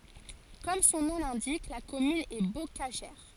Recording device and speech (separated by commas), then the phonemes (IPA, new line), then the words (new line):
forehead accelerometer, read sentence
kɔm sɔ̃ nɔ̃ lɛ̃dik la kɔmyn ɛ bokaʒɛʁ
Comme son nom l'indique, la commune est bocagère.